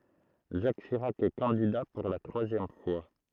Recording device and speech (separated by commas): throat microphone, read sentence